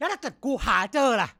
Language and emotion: Thai, angry